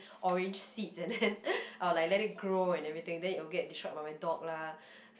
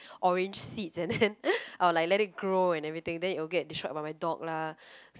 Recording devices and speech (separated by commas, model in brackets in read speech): boundary microphone, close-talking microphone, conversation in the same room